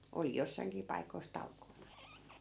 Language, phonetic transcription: Finnish, 'oli 'jossai̮ŋkii paikois "talkoona .
- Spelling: oli jossainkin paikoissa talkoona

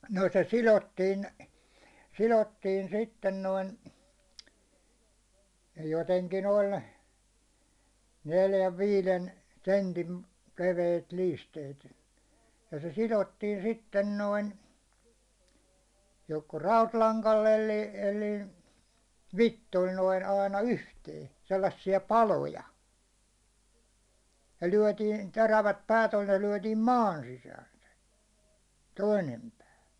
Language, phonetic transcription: Finnish, no se "silottiin , "silottiin 'sitten 'noin , joteŋkin 'oĺ , 'neljäv 'viilen , 'sentin , 'leveit 'liisteit , ja se "silottiin 'sitten 'noin , joko "rautlaŋkal'l ‿elli , elli , "vittol noin 'aina "yhtee , sellassi₍a "paloja , ja 'lyäₒtiin , 'terävät 'pää't ‿oĺ ne 'lyäₒtiim "maan sisään̬ se , 'toinem pää .
- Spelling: no se sidottiin sidottiin sitten noin jotenkin oli neljän viiden sentin leveitä liisteitä ja se sidottiin sitten noin joko rautalangalla eli eli vitsoilla noin aina yhteen sellaisia paloja ja lyötiin terävät päät oli ne lyötiin maan sisään se toinen pää

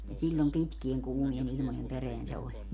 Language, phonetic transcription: Finnish, ni 'siĺĺom "pitkieŋ 'kuumie'n ‿ilmojem 'pereän se 'oĺ .
- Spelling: niin silloin pitkien kuumien ilmojen perään se oli

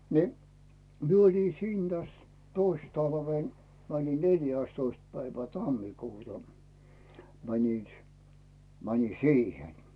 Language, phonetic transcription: Finnish, ni , 'mie ‿oli 'siin täs 'tois talvèn mänin 'neljä̀stoist päivä 'tammikuuta , 'mänin̬ s- , 'mänin̬ "siihen .
- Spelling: niin minä olin siinä tässä toissa talvena menin neljästoista päivä tammikuuta menin - menin siihen

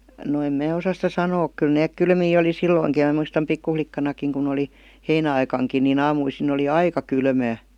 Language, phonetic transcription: Finnish, no 'em mää 'osas sitä "sanook 'kyl neek "kylmii oli "silloiŋki ja m§ muistam 'pikkuflikkanakiŋ kun ‿oli , 'heinä₍aikaŋkin ni'n ‿aamuisin ‿oli "aika 'kylmää .
- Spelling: no en minä osaa sitä sanoa kyllä ne kylmiä oli silloinkin ja minä muistan pikkulikkanakin kun oli heinäaikaankin niin aamuisin oli aika kylmää

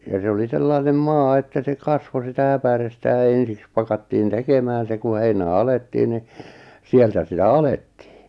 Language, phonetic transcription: Finnish, ja , se oli 'sellainem "maa että se "kasvo 'sitä 'äpärestä ja 'ensiks pakattiin 'tekemään se ku 'heinä̀ "alettiin ni , 'sieltä sitä "alettɪɪ .
- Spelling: ja se oli sellainen maa että se kasvoi sitä äpärettä ja ensiksi pakattiin tekemään se kun heinä alettiin niin sieltä sitä alettiin

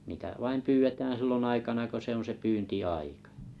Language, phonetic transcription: Finnish, niitä 'vaim pyyvetääᵃ̰̈ 'sillon aikana ko 'se ‿on se 'pyynti₍'aikᴀ .
- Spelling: niitä vain pyydetään silloin aikana kun se on se pyyntiaika

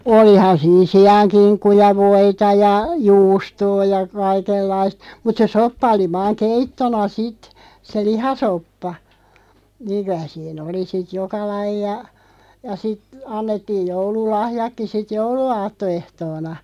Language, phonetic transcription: Finnish, olihan siin "si₍aŋ'kiŋkku ja 'voita ja , 'juustoo ja , 'kaikellaist , mut se "soppa 'oli 'vaaŋ "keittona 'sit , 'se "lihasoppa , 'niiŋ kyä sii"n ‿oli sit 'joka 'laija , ja sit , 'annettiij 'joulu"lahjakki 'sit "joulu₍'aatto₍'ehtoona .
- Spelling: olihan siinä siankinkku ja voita ja juustoa ja kaikenlaista mutta se soppa oli vain keittona sitten se lihasoppa niin kyllä siinä oli sitten joka lajia ja sitten annettiin joululahjatkin sitten jouluaattoehtoona

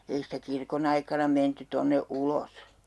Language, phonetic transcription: Finnish, 'ei sitä 'kirkon ‿aikana 'menty 'tonne 'ulos .
- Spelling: ei sitä kirkon aikana menty tuonne ulos

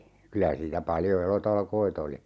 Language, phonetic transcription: Finnish, 'kylä siitä 'paljo "elotalkoi't ‿oli .
- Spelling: kyllä siitä paljon elotalkoita oli

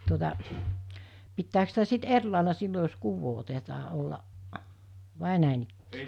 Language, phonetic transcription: Finnish, tuota , pittääks sitä sit 'er làela 'sillo jos 'kuuvvoo otetaa ollaˀ , vài nä̀inikk(ii) .
- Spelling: tuota pitääkö sitä sitten eri lailla silloin jos kuvaa otetaan olla vai näinikään

